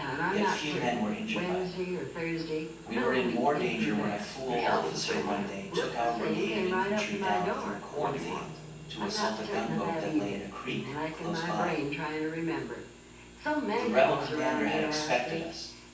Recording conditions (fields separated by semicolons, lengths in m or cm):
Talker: one person; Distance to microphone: 9.8 m; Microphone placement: far; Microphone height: 1.8 m; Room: large; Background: television